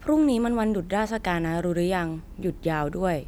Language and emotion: Thai, neutral